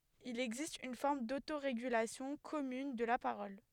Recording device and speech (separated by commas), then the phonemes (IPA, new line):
headset microphone, read sentence
il ɛɡzist yn fɔʁm dotoʁeɡylasjɔ̃ kɔmyn də la paʁɔl